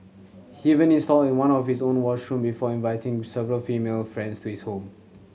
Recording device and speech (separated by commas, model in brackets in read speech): mobile phone (Samsung C7100), read sentence